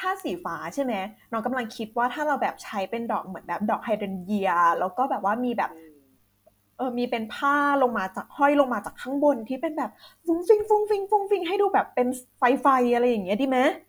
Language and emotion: Thai, happy